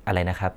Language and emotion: Thai, neutral